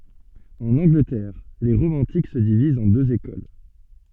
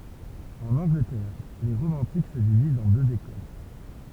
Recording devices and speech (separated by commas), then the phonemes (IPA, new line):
soft in-ear microphone, temple vibration pickup, read sentence
ɑ̃n ɑ̃ɡlətɛʁ le ʁomɑ̃tik sə divizt ɑ̃ døz ekol